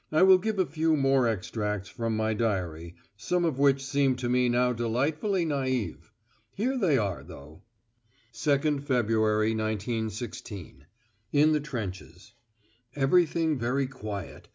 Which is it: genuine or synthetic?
genuine